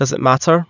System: none